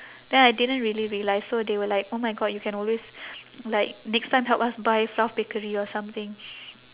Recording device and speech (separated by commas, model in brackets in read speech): telephone, conversation in separate rooms